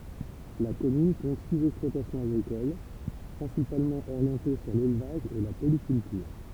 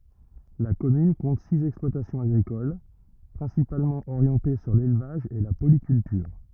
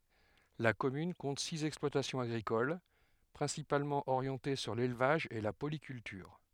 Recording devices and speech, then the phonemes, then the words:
temple vibration pickup, rigid in-ear microphone, headset microphone, read sentence
la kɔmyn kɔ̃t siz ɛksplwatasjɔ̃z aɡʁikol pʁɛ̃sipalmɑ̃ oʁjɑ̃te syʁ lelvaʒ e la polikyltyʁ
La commune compte six exploitations agricoles, principalement orientées sur l'élevage et la polyculture.

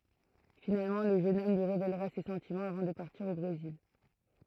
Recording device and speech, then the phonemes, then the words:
throat microphone, read sentence
finalmɑ̃ lə ʒøn ɔm lyi ʁevelʁa se sɑ̃timɑ̃z avɑ̃ də paʁtiʁ o bʁezil
Finalement, le jeune homme lui révélera ses sentiments avant de partir au Brésil.

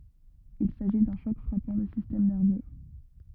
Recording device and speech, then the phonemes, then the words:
rigid in-ear microphone, read sentence
il saʒi dœ̃ ʃɔk fʁapɑ̃ lə sistɛm nɛʁvø
Il s'agit d'un choc frappant le système nerveux.

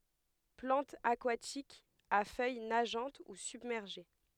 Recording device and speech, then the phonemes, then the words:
headset microphone, read sentence
plɑ̃tz akwatikz a fœj naʒɑ̃t u sybmɛʁʒe
Plantes aquatiques, à feuilles nageantes ou submergées.

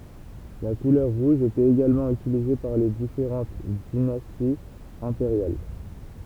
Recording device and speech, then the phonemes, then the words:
temple vibration pickup, read sentence
la kulœʁ ʁuʒ etɛt eɡalmɑ̃ ytilize paʁ le difeʁɑ̃t dinastiz ɛ̃peʁjal
La couleur rouge était également utilisée par les différentes dynasties impériales.

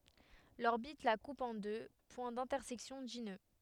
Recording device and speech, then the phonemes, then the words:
headset microphone, read sentence
lɔʁbit la kup ɑ̃ dø pwɛ̃ dɛ̃tɛʁsɛksjɔ̃ di nø
L'orbite la coupe en deux points d'intersection dits nœuds.

